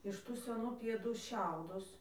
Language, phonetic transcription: Lithuanian, iš ˈtų seˈnų pieˈdų ˈšiaudus

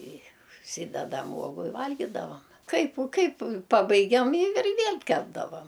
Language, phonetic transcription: Lithuanian, i užˈsydedam ˈuogu i ˈvalgidavam ˈkaip u ˈkaip ˈpabaigiam i ir ˈviel' ˈkepdavam

